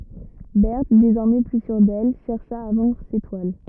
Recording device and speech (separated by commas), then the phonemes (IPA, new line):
rigid in-ear microphone, read sentence
bɛʁt dezɔʁmɛ ply syʁ dɛl ʃɛʁʃa a vɑ̃dʁ se twal